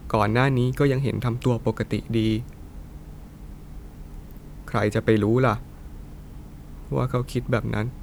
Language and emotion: Thai, sad